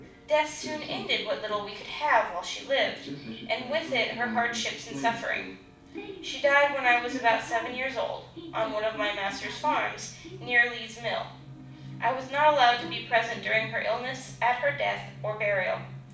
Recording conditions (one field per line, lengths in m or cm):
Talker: one person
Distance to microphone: 5.8 m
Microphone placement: far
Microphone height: 1.8 m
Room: medium-sized (5.7 m by 4.0 m)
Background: television